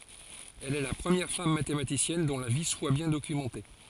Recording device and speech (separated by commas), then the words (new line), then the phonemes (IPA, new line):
forehead accelerometer, read sentence
Elle est la première femme mathématicienne dont la vie soit bien documentée.
ɛl ɛ la pʁəmjɛʁ fam matematisjɛn dɔ̃ la vi swa bjɛ̃ dokymɑ̃te